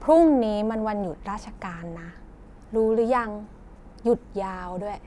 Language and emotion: Thai, neutral